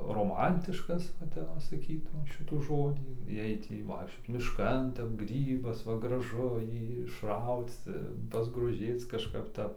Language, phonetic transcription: Lithuanian, roˈmantiškas va ˈtep va saˈkytum ˈšitų ˈžodį ˈjai ˈtį vaikšˈčioc mišˈkan ˈtep ˈgrybas ˈva graˈžu ˈjį išˈrauc pasgroˈžėc kažˈkap ˈtap

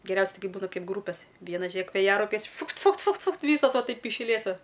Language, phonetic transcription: Lithuanian, geˈriausia ˈtai ˈkai ˈbūna ˈkaip ˈgrūpes ˈviena ˈžėk vėˈjaraupiais ˈfukt ˈfukt ˈfukt ˈfukt ˈvysos ˈva ˈtaip iš ˈlėto

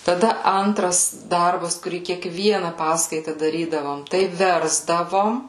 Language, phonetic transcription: Lithuanian, taˈda ˈantras ˈdarbas kuˈrį kiekˈviena ˈpaskaita daˈrydavom ˈtai ˈversdavom

